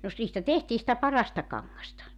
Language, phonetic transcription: Finnish, no ‿s- , niistä 'tehtii sⁱtä 'parasta 'kaŋŋasta .
- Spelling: no - niistä tehtiin sitä parasta kangasta

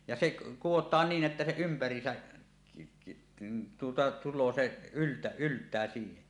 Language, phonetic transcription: Finnish, ja 'seˀ , 'kuwot̀aan niin ’että se 'ympär̀iisä , tuota tul̆loo se , ylt- 'ylt̀ää siihe .
- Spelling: ja se kudotaan niin että se ympäriinsä tuota tulee se - yltää siihen

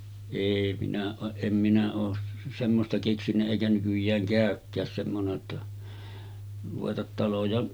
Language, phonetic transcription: Finnish, 'èi minä ooˀ 'ˀem minä oos 'semmosta keksinnä èikä 'nykyj̆jääŋ kä̀ökkääs semmone ‿tta , ruvetat 'taloja ,.
- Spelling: ei minä ole en minä ole semmoista keksinyt eikä nykyään käykään semmoinen jotta ruveta taloja

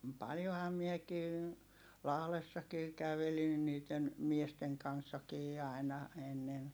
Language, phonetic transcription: Finnish, paljoham miekii , Lahlessakii kävelin niit̆ten , miesteŋ kanssakii ài̮na , ennen .
- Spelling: paljonhan minäkin Lahdessakin kävelin niiden miesten kanssakin aina ennen

